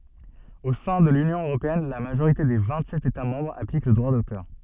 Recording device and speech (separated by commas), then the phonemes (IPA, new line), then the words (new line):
soft in-ear microphone, read sentence
o sɛ̃ də lynjɔ̃ øʁopeɛn la maʒoʁite de vɛ̃tsɛt etamɑ̃bʁz aplik lə dʁwa dotœʁ
Au sein de l'Union européenne, la majorité des vingt-sept États-Membres applique le droit d'auteur.